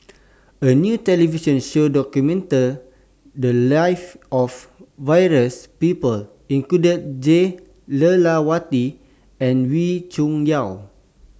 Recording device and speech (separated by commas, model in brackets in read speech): standing microphone (AKG C214), read sentence